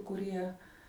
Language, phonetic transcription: Lithuanian, kuˈrie

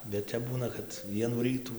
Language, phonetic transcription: Lithuanian, bet ˈtep ˈbūna kad ˈvienų ˈrytų

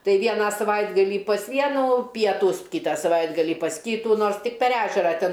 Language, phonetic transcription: Lithuanian, ˈtai ˈvieną saˈvaitgalį pas ˈvienų ˈpietūs ˈkytą saˈvaitgalį pas ˈkytų ˈnors tik per ˈežera ˈten

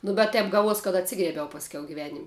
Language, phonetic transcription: Lithuanian, nu bet ˈtep ˈgaˌvuos kad atˈsigriebiau pasˈkiau giˈvenim'

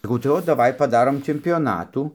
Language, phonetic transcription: Lithuanian, saˈkau tai ˈot daˈvai paˈdarom čempioˈnatų

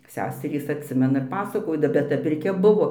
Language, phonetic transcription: Lithuanian, ˈseserys atˈsimena ir ˈpasakoda bet ˈta pirˈkia ˈbuvo

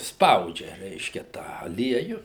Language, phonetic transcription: Lithuanian, ˈspaudžia ˈreiškia ˈtą aˈlieju

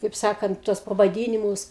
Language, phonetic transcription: Lithuanian, kaip ˈsakant ˈtuos pavaˈdynimus

